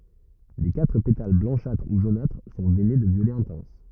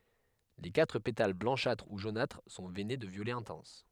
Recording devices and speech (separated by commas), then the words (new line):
rigid in-ear microphone, headset microphone, read sentence
Les quatre pétales blanchâtres ou jaunâtres sont veinés de violet intense.